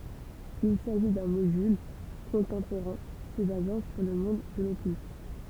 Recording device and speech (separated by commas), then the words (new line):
temple vibration pickup, read sentence
Il s'agit d'un module contemporain, se basant sur le monde de l'occulte.